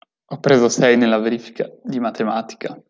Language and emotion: Italian, sad